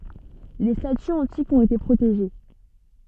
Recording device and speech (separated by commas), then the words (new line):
soft in-ear microphone, read sentence
Les statues antiques ont été protégées.